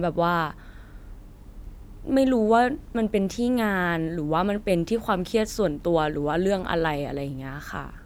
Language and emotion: Thai, neutral